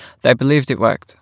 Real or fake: real